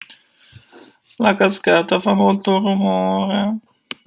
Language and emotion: Italian, sad